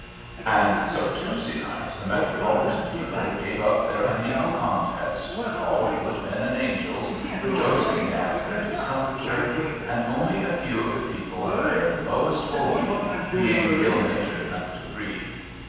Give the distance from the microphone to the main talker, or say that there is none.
7.1 m.